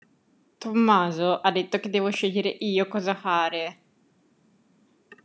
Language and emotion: Italian, angry